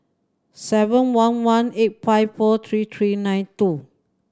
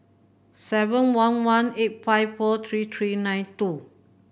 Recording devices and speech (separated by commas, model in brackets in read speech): standing microphone (AKG C214), boundary microphone (BM630), read sentence